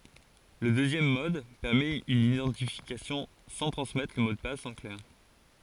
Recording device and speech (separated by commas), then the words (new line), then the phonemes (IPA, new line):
forehead accelerometer, read sentence
Le deuxième mode permet une identification sans transmettre le mot de passe en clair.
lə døzjɛm mɔd pɛʁmɛt yn idɑ̃tifikasjɔ̃ sɑ̃ tʁɑ̃smɛtʁ lə mo də pas ɑ̃ klɛʁ